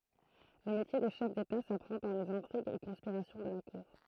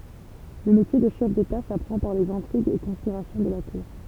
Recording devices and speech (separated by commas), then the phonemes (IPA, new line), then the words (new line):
throat microphone, temple vibration pickup, read sentence
lə metje də ʃɛf deta sapʁɑ̃ paʁ lez ɛ̃tʁiɡz e kɔ̃spiʁasjɔ̃ də la kuʁ
Le métier de chef d'État s'apprend par les intrigues et conspirations de la cour.